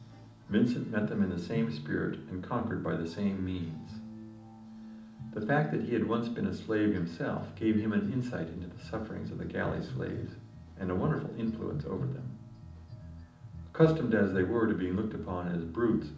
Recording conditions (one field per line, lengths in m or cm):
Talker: one person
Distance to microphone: 2.0 m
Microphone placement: close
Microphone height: 99 cm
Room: medium-sized (5.7 m by 4.0 m)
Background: music